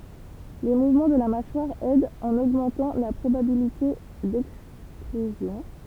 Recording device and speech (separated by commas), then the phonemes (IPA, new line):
temple vibration pickup, read sentence
le muvmɑ̃ də la maʃwaʁ ɛdt ɑ̃n oɡmɑ̃tɑ̃ la pʁobabilite dɛkstʁyzjɔ̃